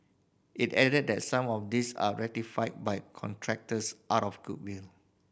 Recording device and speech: boundary microphone (BM630), read sentence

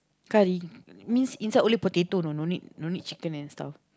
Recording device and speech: close-talking microphone, conversation in the same room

